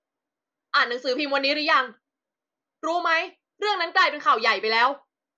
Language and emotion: Thai, angry